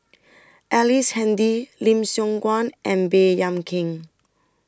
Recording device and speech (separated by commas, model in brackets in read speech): standing microphone (AKG C214), read sentence